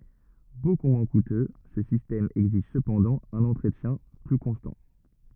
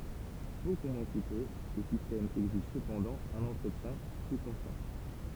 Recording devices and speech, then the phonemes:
rigid in-ear microphone, temple vibration pickup, read sentence
boku mwɛ̃ kutø sə sistɛm ɛɡziʒ səpɑ̃dɑ̃ œ̃n ɑ̃tʁətjɛ̃ ply kɔ̃stɑ̃

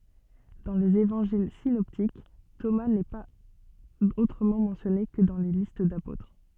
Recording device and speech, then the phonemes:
soft in-ear microphone, read sentence
dɑ̃ lez evɑ̃ʒil sinɔptik toma nɛ paz otʁəmɑ̃ mɑ̃sjɔne kə dɑ̃ le list dapotʁ

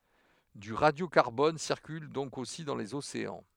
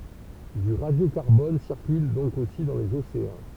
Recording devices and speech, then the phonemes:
headset microphone, temple vibration pickup, read sentence
dy ʁadjokaʁbɔn siʁkyl dɔ̃k osi dɑ̃ lez oseɑ̃

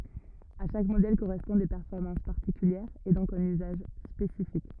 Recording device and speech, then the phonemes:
rigid in-ear microphone, read sentence
a ʃak modɛl koʁɛspɔ̃d de pɛʁfɔʁmɑ̃s paʁtikyljɛʁz e dɔ̃k œ̃n yzaʒ spesifik

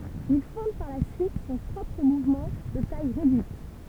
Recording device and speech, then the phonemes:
temple vibration pickup, read sentence
il fɔ̃d paʁ la syit sɔ̃ pʁɔpʁ muvmɑ̃ də taj ʁedyit

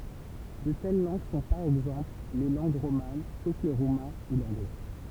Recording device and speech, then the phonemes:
temple vibration pickup, read sentence
də tɛl lɑ̃ɡ sɔ̃ paʁ ɛɡzɑ̃pl le lɑ̃ɡ ʁoman sof lə ʁumɛ̃ u lɑ̃ɡlɛ

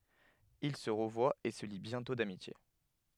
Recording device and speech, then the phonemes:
headset microphone, read sentence
il sə ʁəvwat e sə li bjɛ̃tɔ̃ damitje

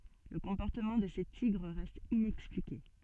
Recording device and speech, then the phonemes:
soft in-ear microphone, read sentence
lə kɔ̃pɔʁtəmɑ̃ də se tiɡʁ ʁɛst inɛksplike

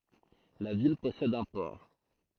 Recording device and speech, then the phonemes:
throat microphone, read sentence
la vil pɔsɛd œ̃ pɔʁ

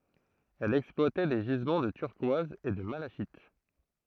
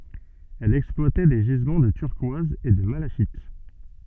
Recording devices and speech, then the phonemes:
throat microphone, soft in-ear microphone, read sentence
ɛl ɛksplwatɛ de ʒizmɑ̃ də tyʁkwaz e də malaʃit

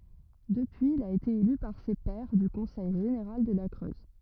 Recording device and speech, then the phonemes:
rigid in-ear microphone, read sentence
dəpyiz il a ete ely paʁ se pɛʁ dy kɔ̃sɛj ʒeneʁal də la kʁøz

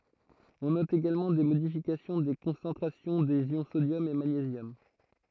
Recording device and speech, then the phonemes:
throat microphone, read sentence
ɔ̃ nɔt eɡalmɑ̃ de modifikasjɔ̃ de kɔ̃sɑ̃tʁasjɔ̃ dez jɔ̃ sodjɔm e maɲezjɔm

